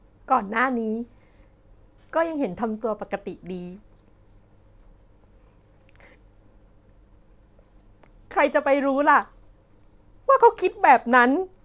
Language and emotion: Thai, sad